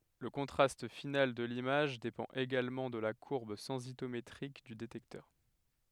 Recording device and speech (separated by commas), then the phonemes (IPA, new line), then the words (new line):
headset microphone, read sentence
lə kɔ̃tʁast final də limaʒ depɑ̃t eɡalmɑ̃ də la kuʁb sɑ̃sitometʁik dy detɛktœʁ
Le contraste final de l'image dépend également de la courbe sensitométrique du détecteur.